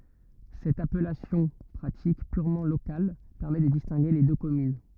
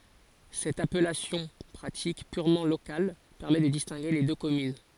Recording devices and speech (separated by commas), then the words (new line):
rigid in-ear microphone, forehead accelerometer, read sentence
Cette appellation pratique, purement locale, permet de distinguer les deux communes.